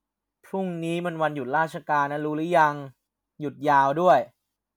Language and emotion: Thai, frustrated